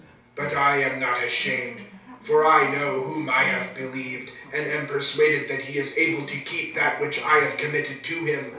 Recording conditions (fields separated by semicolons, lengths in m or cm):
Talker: one person; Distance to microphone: 3.0 m; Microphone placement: far; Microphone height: 1.8 m; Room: small (3.7 m by 2.7 m); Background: television